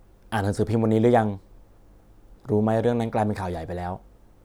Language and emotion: Thai, neutral